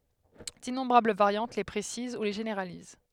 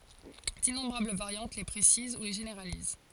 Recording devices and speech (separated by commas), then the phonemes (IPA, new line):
headset microphone, forehead accelerometer, read sentence
dinɔ̃bʁabl vaʁjɑ̃t le pʁesiz u le ʒeneʁaliz